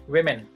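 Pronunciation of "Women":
'Women' is pronounced correctly here.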